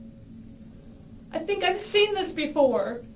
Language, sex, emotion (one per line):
English
female
sad